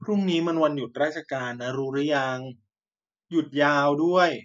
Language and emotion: Thai, frustrated